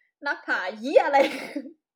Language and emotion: Thai, happy